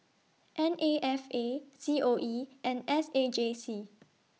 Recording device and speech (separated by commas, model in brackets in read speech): mobile phone (iPhone 6), read sentence